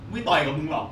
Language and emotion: Thai, angry